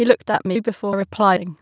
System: TTS, waveform concatenation